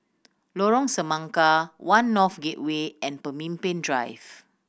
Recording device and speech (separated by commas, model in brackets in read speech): boundary microphone (BM630), read sentence